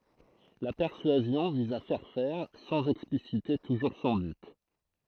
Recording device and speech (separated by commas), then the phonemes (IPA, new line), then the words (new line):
throat microphone, read sentence
la pɛʁsyazjɔ̃ viz a fɛʁ fɛʁ sɑ̃z ɛksplisite tuʒuʁ sɔ̃ byt
La persuasion vise à faire faire, sans expliciter toujours son but.